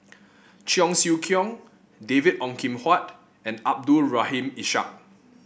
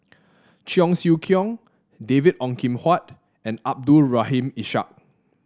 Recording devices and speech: boundary microphone (BM630), standing microphone (AKG C214), read sentence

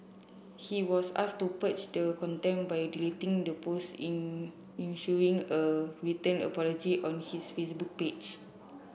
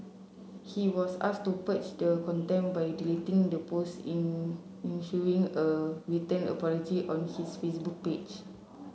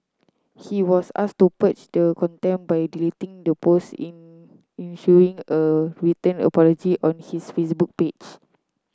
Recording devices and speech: boundary microphone (BM630), mobile phone (Samsung C7), close-talking microphone (WH30), read sentence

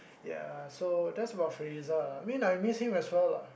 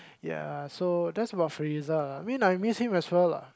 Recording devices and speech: boundary microphone, close-talking microphone, conversation in the same room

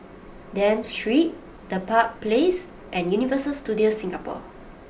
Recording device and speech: boundary microphone (BM630), read sentence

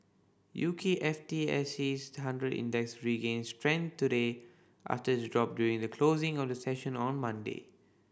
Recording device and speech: boundary microphone (BM630), read sentence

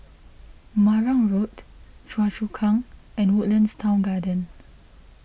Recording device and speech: boundary microphone (BM630), read sentence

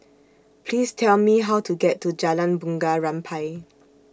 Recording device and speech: standing microphone (AKG C214), read sentence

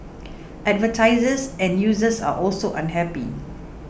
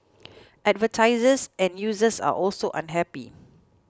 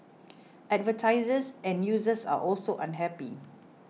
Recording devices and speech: boundary microphone (BM630), close-talking microphone (WH20), mobile phone (iPhone 6), read sentence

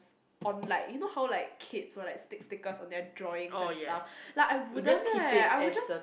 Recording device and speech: boundary microphone, conversation in the same room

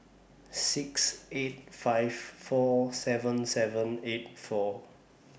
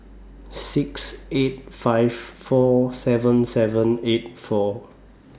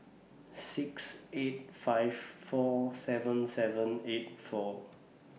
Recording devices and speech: boundary microphone (BM630), standing microphone (AKG C214), mobile phone (iPhone 6), read sentence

